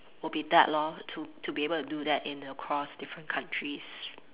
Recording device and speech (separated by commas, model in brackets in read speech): telephone, conversation in separate rooms